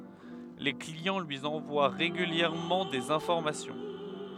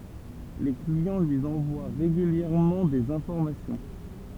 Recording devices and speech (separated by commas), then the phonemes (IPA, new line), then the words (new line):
headset microphone, temple vibration pickup, read sentence
le kliɑ̃ lyi ɑ̃vwa ʁeɡyljɛʁmɑ̃ dez ɛ̃fɔʁmasjɔ̃
Les clients lui envoient régulièrement des informations.